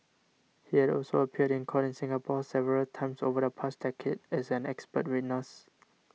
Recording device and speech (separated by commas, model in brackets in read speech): mobile phone (iPhone 6), read sentence